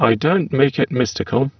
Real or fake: fake